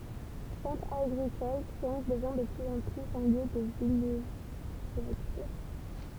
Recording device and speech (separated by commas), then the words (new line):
temple vibration pickup, read sentence
Centre agricole, Créances devient de plus en plus un lieu de villégiature.